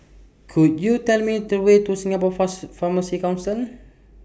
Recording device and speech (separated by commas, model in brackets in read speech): boundary microphone (BM630), read sentence